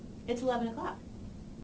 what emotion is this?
neutral